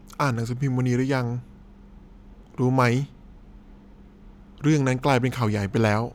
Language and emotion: Thai, frustrated